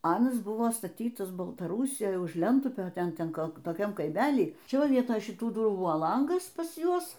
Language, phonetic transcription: Lithuanian, ˈanas ˈbuvo staˈtytas baltaˈrūsijoj už ˈlentupio ˈten ˈten ˈkol toˈkiam kaiˈmely ˈčia ˈva ˈvietoj šiˈtų ˈdurų ˈbuvo ˈlangas pas ˈjuos

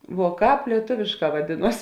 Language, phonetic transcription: Lithuanian, vuo ˈkāp lieˈtuvėšˌkā vaˈdėˌnuos

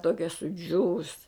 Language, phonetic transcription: Lithuanian, ˈtokia suˈdžiūvus

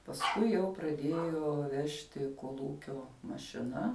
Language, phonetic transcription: Lithuanian, pasˈkui jau praˈdėjo ˈvežti kolˈūkio mašiˈna

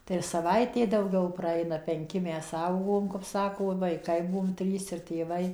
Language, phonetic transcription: Lithuanian, tai ir saˈvaitė dauˈgiau praˈeina ˈpenki ˈmes ˈaugom kap ˈsako vaiˈkai ˈbuom ˈtrys ir tėˈvai

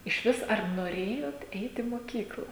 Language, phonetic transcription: Lithuanian, išˈvis ar noˈrėjot ˈeit į moˈkykla

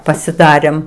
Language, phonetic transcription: Lithuanian, pasiˈdarėm

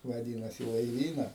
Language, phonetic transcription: Lithuanian, vaˈdynas į laiˈvyna

